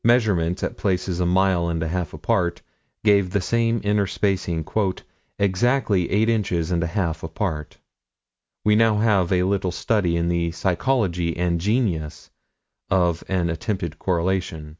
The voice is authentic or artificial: authentic